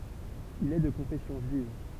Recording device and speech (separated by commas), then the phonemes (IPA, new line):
temple vibration pickup, read sentence
il ɛ də kɔ̃fɛsjɔ̃ ʒyiv